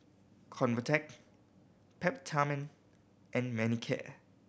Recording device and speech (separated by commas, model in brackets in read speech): boundary microphone (BM630), read sentence